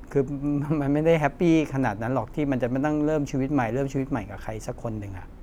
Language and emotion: Thai, frustrated